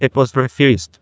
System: TTS, neural waveform model